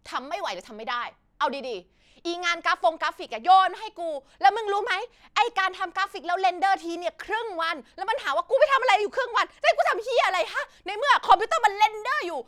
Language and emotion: Thai, angry